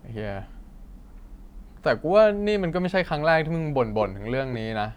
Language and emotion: Thai, frustrated